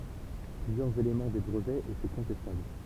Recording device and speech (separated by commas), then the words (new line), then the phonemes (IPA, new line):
temple vibration pickup, read sentence
Plusieurs éléments des brevets étaient contestables.
plyzjœʁz elemɑ̃ de bʁəvɛz etɛ kɔ̃tɛstabl